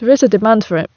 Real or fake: real